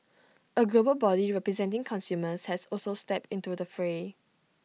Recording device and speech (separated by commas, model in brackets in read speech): mobile phone (iPhone 6), read sentence